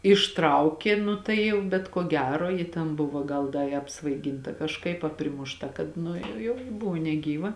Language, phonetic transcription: Lithuanian, išˈtraukė ˈnu tai ˈjau bet ko ˈgero ˈji ten ˈbuvo ˈgal ˈda i apsvaiˈginta kažˈkaip a primušˈta ˈkad nu ˈjau ˈbuvo neˈgyva

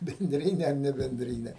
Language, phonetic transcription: Lithuanian, benˈdrine ar nebenˈdrine

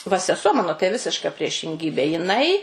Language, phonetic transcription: Lithuanian, va seˈsuo ˈmano tai ˈvisiška priešinˈgybė jiˈnai

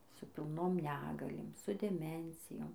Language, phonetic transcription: Lithuanian, su pilˈnom ˈnegalėm su deˈmencijom

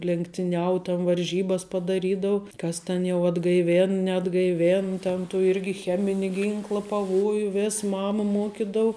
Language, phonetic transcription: Lithuanian, lenktiˈniau tan varˈžybas padaˈrydau ˈkas ten jau atgaiˈvėn neatgaiˈvėn ten tų ˈirgi ˈchemini ˈginkla paˈvoju ˈvės ˈmama ˈmuokidau

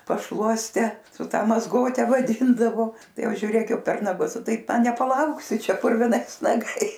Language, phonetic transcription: Lithuanian, pašˈluoste su ˈta mazˈgote vaˈdyndavo ˈtai ˈjau žiuˈrėk ˈjau per naˈgus ˈtaip nepaˈlauksi ˈčia purviˈnais naˈgais

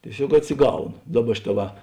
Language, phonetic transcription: Lithuanian, tieˈsiog atsiˈgauno ˈdaˌba ˈšiˌtā va

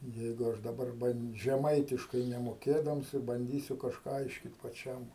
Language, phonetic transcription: Lithuanian, ˈjeigu ˈaš daˈbar žeˈmaitiškai nemoˈkėdams i banˈdysiu kažˈką ˈaiškyt paˈčiam

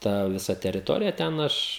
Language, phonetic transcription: Lithuanian, ˈta viˈsa teriˈtorija ˈten ˈaš

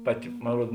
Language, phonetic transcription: Lithuanian, ˈpaˌti mon ˈruod

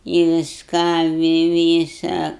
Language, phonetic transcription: Lithuanian, i visˈką vi ˈvysa

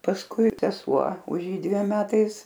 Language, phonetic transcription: Lithuanian, pasˈkui seˈsuo už ˈjį dviem ˈmetais

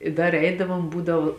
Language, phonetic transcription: Lithuanian, i ˈdar ˈeidavom ˈbūdavu

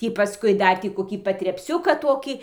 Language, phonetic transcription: Lithuanian, ˈtį paˈskui ˈdar tį koˈkį patrepˈsiuką ˈtokį

